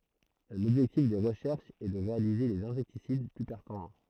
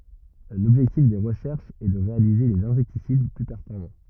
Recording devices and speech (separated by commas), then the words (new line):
throat microphone, rigid in-ear microphone, read sentence
L'objectif des recherches est de réaliser des insecticides plus performants.